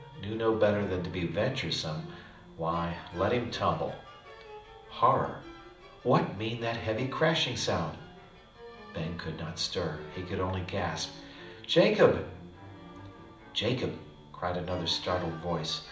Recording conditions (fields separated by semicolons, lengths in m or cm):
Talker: one person; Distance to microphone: 2.0 m; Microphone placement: close; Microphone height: 99 cm; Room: medium-sized (5.7 m by 4.0 m); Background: music